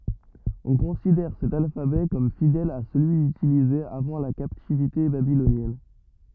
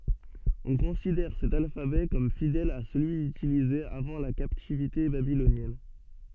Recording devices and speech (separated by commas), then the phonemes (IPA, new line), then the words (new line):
rigid in-ear microphone, soft in-ear microphone, read sentence
ɔ̃ kɔ̃sidɛʁ sɛt alfabɛ kɔm fidɛl a səlyi ytilize avɑ̃ la kaptivite babilonjɛn
On considère cet alphabet comme fidèle à celui utilisé avant la captivité babylonienne.